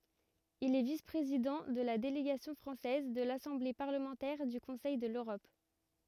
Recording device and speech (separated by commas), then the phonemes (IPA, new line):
rigid in-ear microphone, read sentence
il ɛ vis pʁezidɑ̃ də la deleɡasjɔ̃ fʁɑ̃sɛz də lasɑ̃ble paʁləmɑ̃tɛʁ dy kɔ̃sɛj də løʁɔp